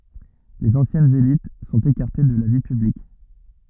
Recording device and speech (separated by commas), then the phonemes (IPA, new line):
rigid in-ear microphone, read sentence
lez ɑ̃sjɛnz elit sɔ̃t ekaʁte də la vi pyblik